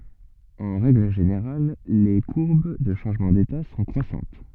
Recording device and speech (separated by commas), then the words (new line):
soft in-ear microphone, read sentence
En règle générale, les courbes de changement d'état sont croissantes.